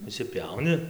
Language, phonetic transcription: Lithuanian, išsiˈpiauni

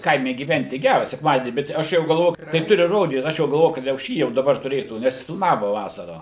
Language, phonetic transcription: Lithuanian, ˈkaime gyˈventi ˈgæra sekˈmadienį bet ˈaš jau galˈvo tai ˈturi ˈrodyt ˈaš jau galˈvoju kad jau ˈšį jau daˈbar tuˈrėtų nes filmavo ˈvasarą

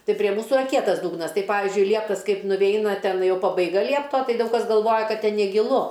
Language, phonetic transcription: Lithuanian, ˈtai prie ˈmūsu iˈra ˈkietas ˈdūgnas ˈtai ˈpavizdžiui ˈlieptas ˈkaip nuˈveina ˈten ˈjau pabaiˈga ˈliepto ˈtai ˈdaug kas galˈvoja ˈkad ˈten negiˈlu

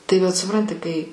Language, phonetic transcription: Lithuanian, tai vat suˈpranti kai

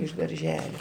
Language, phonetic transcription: Lithuanian, iš darˈželio

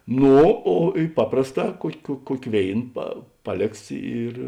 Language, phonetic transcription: Lithuanian, ˈno o i ˈpaprasˌtā ˈkuok' kuo ˈkuok' ˈvėin pa ˈpaˌlėks ir

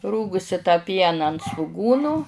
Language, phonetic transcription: Lithuanian, ˈrūgusi tą ˈpiena ant svuˈgūnu

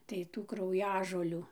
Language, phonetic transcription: Lithuanian, tai ˈtų krauˈjažolių

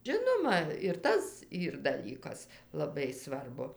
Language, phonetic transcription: Lithuanian, ˈžinoma ir ˈtas ˈyr daˈlykas laˈbai ˈsvarbu

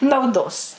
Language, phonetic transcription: Lithuanian, nauˈdos

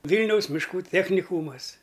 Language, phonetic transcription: Lithuanian, ˈvylniaus mišˈkų ˈtechnikūmas

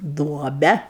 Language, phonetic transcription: Lithuanian, ˈduobe

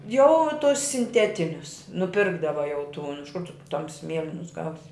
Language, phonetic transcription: Lithuanian, jau tus sinˈtetinius nuˈpirkdava jau tūn iš kur tu ˈtamsi ˈmielinus ˈgausi

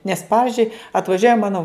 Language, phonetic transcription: Lithuanian, nes ˈpavizdžiui atvaˈžiuoja ˈmano

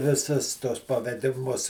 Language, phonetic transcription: Lithuanian, viˈsus tuos pavediˈmus

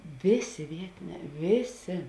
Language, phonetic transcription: Lithuanian, ˈvėˌsė ˈvietiˌnē ˈvėˌsė

